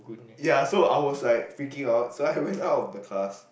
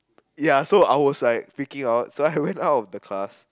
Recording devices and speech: boundary microphone, close-talking microphone, conversation in the same room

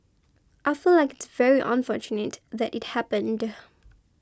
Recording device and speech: close-talking microphone (WH20), read sentence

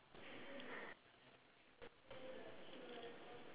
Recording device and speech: telephone, conversation in separate rooms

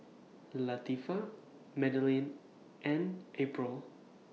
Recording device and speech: mobile phone (iPhone 6), read sentence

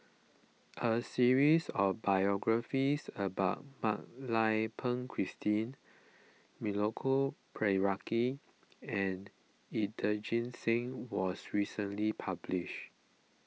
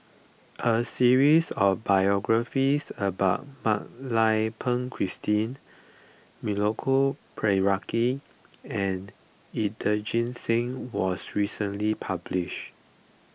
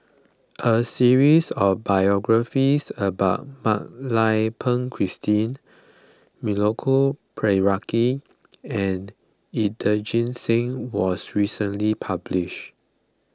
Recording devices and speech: mobile phone (iPhone 6), boundary microphone (BM630), close-talking microphone (WH20), read sentence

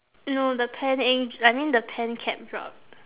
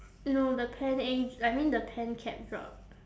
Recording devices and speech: telephone, standing microphone, conversation in separate rooms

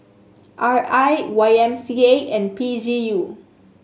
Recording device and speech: mobile phone (Samsung S8), read sentence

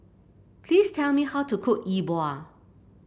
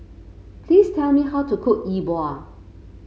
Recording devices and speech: boundary microphone (BM630), mobile phone (Samsung C5), read sentence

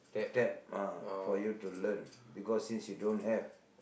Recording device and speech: boundary microphone, conversation in the same room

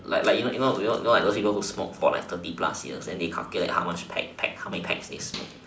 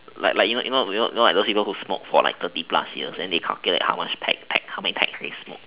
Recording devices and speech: standing microphone, telephone, conversation in separate rooms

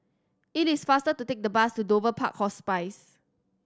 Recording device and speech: standing microphone (AKG C214), read sentence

